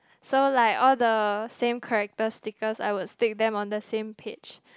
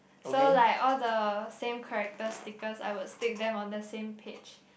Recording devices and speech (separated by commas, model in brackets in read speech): close-talking microphone, boundary microphone, conversation in the same room